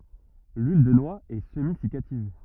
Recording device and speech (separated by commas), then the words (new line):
rigid in-ear microphone, read sentence
L'huile de noix est semi-siccative.